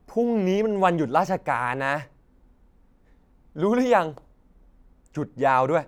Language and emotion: Thai, frustrated